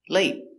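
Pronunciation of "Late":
In 'Late', the t after the vowel is a stop T: the air is stopped.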